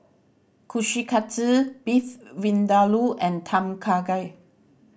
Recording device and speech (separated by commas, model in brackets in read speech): boundary microphone (BM630), read sentence